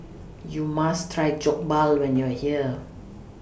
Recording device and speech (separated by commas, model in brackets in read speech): boundary microphone (BM630), read sentence